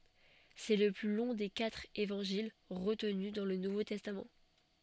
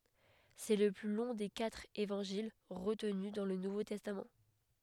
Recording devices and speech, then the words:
soft in-ear microphone, headset microphone, read sentence
C'est le plus long des quatre Évangiles retenus dans le Nouveau Testament.

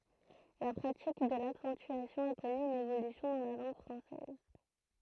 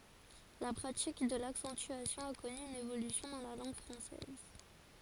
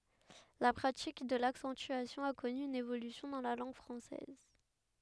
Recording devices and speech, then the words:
throat microphone, forehead accelerometer, headset microphone, read sentence
La pratique de l'accentuation a connu une évolution dans la langue française.

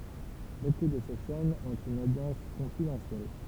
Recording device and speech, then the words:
temple vibration pickup, read sentence
Beaucoup de ces chaînes ont une audience confidentielle.

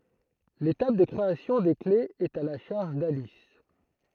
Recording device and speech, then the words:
throat microphone, read sentence
L'étape de création des clés est à la charge d'Alice.

